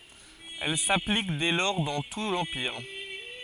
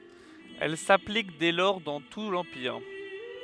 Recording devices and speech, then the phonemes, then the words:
forehead accelerometer, headset microphone, read sentence
ɛl saplik dɛ lɔʁ dɑ̃ tu lɑ̃piʁ
Elle s'applique dès lors dans tout l'Empire.

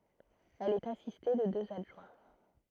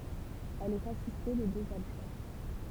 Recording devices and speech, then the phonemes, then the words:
throat microphone, temple vibration pickup, read sentence
ɛl ɛt asiste də døz adʒwɛ̃
Elle est assistée de deux adjoints.

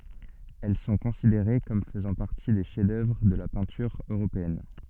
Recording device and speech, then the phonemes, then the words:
soft in-ear microphone, read sentence
ɛl sɔ̃ kɔ̃sideʁe kɔm fəzɑ̃ paʁti de ʃɛf dœvʁ də la pɛ̃tyʁ øʁopeɛn
Elles sont considérées comme faisant partie des chefs-d’œuvre de la peinture européenne.

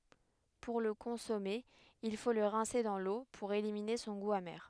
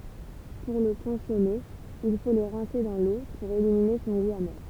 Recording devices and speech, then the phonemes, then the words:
headset microphone, temple vibration pickup, read sentence
puʁ lə kɔ̃sɔme il fo lə ʁɛ̃se dɑ̃ lo puʁ elimine sɔ̃ ɡu ame
Pour le consommer, il faut le rincer dans l'eau pour éliminer son goût amer.

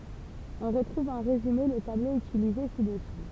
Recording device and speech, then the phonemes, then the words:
temple vibration pickup, read sentence
ɔ̃ ʁətʁuv ɑ̃ ʁezyme lə tablo ytilize sidɛsu
On retrouve en résumé le tableau utilisé ci-dessous.

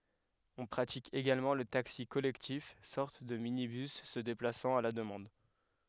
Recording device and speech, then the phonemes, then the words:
headset microphone, read sentence
ɔ̃ pʁatik eɡalmɑ̃ lə taksi kɔlɛktif sɔʁt də minibys sə deplasɑ̃t a la dəmɑ̃d
On pratique également le taxi collectif, sorte de minibus se déplaçant à la demande.

